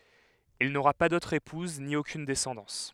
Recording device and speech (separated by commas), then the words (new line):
headset microphone, read sentence
Il n'aura pas d'autre épouse, ni aucune descendance.